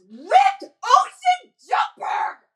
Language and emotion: English, angry